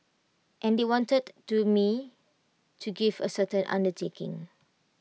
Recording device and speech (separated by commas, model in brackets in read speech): mobile phone (iPhone 6), read sentence